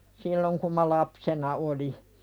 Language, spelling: Finnish, silloin kun minä lapsena olin
- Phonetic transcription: silloŋ kum ma 'lapsena "oli .

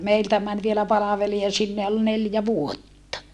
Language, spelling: Finnish, meiltä meni vielä palvelija sinne ja oli neljä vuotta
- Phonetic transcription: meiltä män vielä palaveli₍a sinne ja ol neljä vuotta .

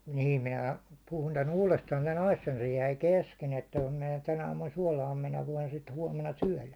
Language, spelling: Finnish, niin minä puhun tämän uudestaan tämän asian se jäi kesken että kun minä tänä aamuna suolaan minä voin sitten huomenna syödä
- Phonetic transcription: 'niim 'minä , puhun tän 'uulestaan tän 'asjan , se jäi 'kesken että » (kun) minä tän ‿aamun 'suålaam 'minä voin sit huåmena 'syäₒlä « .

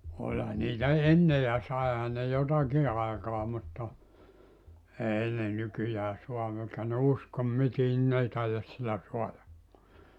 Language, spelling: Finnish, olihan niitä ennen ja saihan ne jotakin aikaan mutta ei ne nykyään saa eikä ne usko mitään niin ne ei taida sillä saadakaan
- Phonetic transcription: ''olha niitä "enne ja 'saeha ne "jotaki 'aekaa mutta , 'èi ne 'nykyjää 'sua èkä ne "uskom 'mitiin ni 'n ‿ei taijas 'sillä 'soaja(kkoa) .

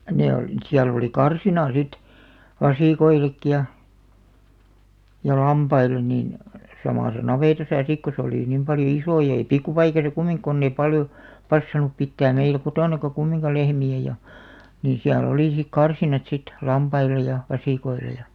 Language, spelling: Finnish, ne oli siellä oli karsina sitten vasikoillekin ja ja lampaille niin samassa navetassa sitten kun se oli niin paljon iso ja ei pikkupaikassa - kun ei paljon passannut pitää meillä kotonakaan kumminkaan lehmiä ja niin siellä oli sitten karsinat sitten lampaille ja vasikoille ja
- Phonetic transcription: 'ne olⁱ , 'siäl ‿oli "karsina sit , "vasìkoilekki ja , ja "lampail̆len nin , 'samàsa "navètasa 'sik ko se 'olì nim 'paljo "isò jᵃ ei "pikku'paikasa 'kumiŋk- konn ‿eⁱ 'paljo , "passan̆nup 'pittääm meilᵃ̈ 'kotònaka 'kummiŋka 'lehmi₍ä ja , nii 'siä'l ‿olì sik "karsinat sit , 'lampail̆lej̆ ja , 'vasìkoile ja ,.

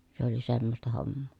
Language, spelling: Finnish, se oli semmoista hommaa
- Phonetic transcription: se ‿oli semmosta hommoo .

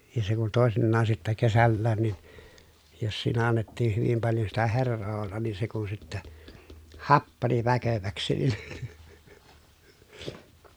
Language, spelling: Finnish, ja se kun toisinaan sitten kesälläkin niin jos siinä annettiin hyvin paljon sitä heraa olla niin se kun sitten happani väkeväksi niin
- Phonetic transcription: ja se kun tòesinnaan sittä kesällään nin , jos siinä annettiih hyvim paljo sitä herroo ollan niin se kun sittä , happani väköväksi nin ,.

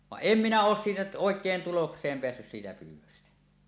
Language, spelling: Finnish, vaan en minä ole siitä oikein tulokseen päässyt siitä pyydöstä
- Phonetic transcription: vaˀ "ˀem minä 'oos siitä 'òek̀een 'tuloks̀eem peässys siitä pyyw̆wöstä .

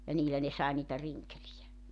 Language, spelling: Finnish, ja niillä ne sai niitä rinkeleitä
- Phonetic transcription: ja 'niilä ne sae niitä 'riŋkelijä .

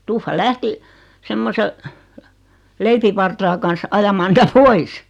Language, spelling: Finnish, tuffa lähti semmoisen leipävartaan kanssa ajamaan niitä pois
- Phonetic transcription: tuffa 'lähti , 'semmose , 'leipivartaa kans 'ajamaa nitä "pois .

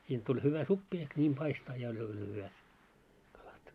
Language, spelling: Finnish, siitä tuli hyvä soppa ehkä niin paistaa ja oli oli hyvät kalat
- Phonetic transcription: sint tuĺ hyvä 'suppi ehk ńiim 'paistaa ja oĺ oĺ hyvät , kalat .

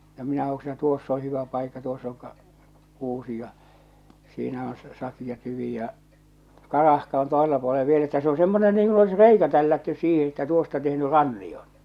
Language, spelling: Finnish, no minä hoksin että tuossa on hyvä paikka tuossa on - kuusi ja siinä on - sakea tyvi ja karahka on toisella puolen vielä että se on semmoinen niin kuin olisi reikä tällätty siihen että tuosta tehnyt rannion
- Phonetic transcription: no minä hoksi (että) tuoss ‿oo̰ 'hyvä paikka tuoss ‿oŋ ka- , 'kuusi ja , siinä on sa- 'sakija tyvì ja , "karahka on 'tòesella puolev viel ‿että se o 'semmone niiŋ kun ‿olis "reikä tällättys 'siihe että tuosta tehny "ranniʲoɴ .

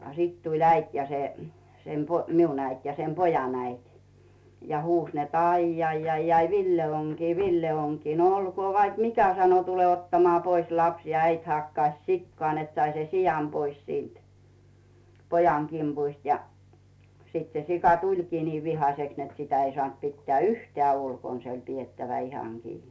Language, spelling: Finnish, ja sitten tuli äiti ja se sen - minun äiti ja sen pojan äiti ja huusi että aijai Villellä on kiinni Ville on kiinni no olkoon vaikka mikä sanoi tule ottamaan pois lapsi ja äiti hakkasi sikaa että sai sen sian pois siitä pojan kimpusta ja sitten se sika tulikin niin vihaiseksi että sitä ei saanut pitää yhtään ulkona se oli pidettävä ihan kiinni
- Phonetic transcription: a 'sit tuĺ "äit ja se , sem po- "miun äit ja 'sem "pojan 'äit , ja huus net » "aijjaijjaijai "Villel ‿oŋ kii "Ville oŋ kii « » no olkoo 'vaik "mikä « sano » 'tule ottamᵒaa pois "laps « ja 'äit hakkaⁱs "sikkᵒà net 'sai sen "sijam 'pois siint , "pojaŋ 'kimpuist ja , 'sit se 'sika "tuĺkii 'nii vihaseks net 'sitä ei sᵒànt pittᵉä̀ "yhteä̀ 'ulkon se oĺ piettävä "ihaŋ 'kii .

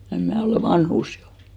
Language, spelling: Finnish, en minä olen vanhus jo
- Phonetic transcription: 'em 'mä̀ olè "vanhùs jo .

